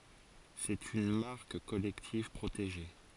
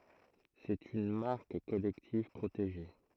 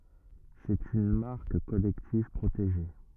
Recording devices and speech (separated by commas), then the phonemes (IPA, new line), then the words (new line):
forehead accelerometer, throat microphone, rigid in-ear microphone, read sentence
sɛt yn maʁk kɔlɛktiv pʁoteʒe
C'est une marque collective, protégée.